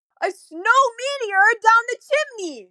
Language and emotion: English, sad